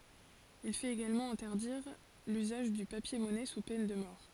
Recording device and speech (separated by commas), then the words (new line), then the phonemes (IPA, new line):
forehead accelerometer, read sentence
Il fait également interdire l'usage du papier-monnaie sous peine de mort.
il fɛt eɡalmɑ̃ ɛ̃tɛʁdiʁ lyzaʒ dy papjɛʁmɔnɛ su pɛn də mɔʁ